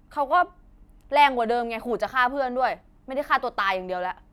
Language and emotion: Thai, angry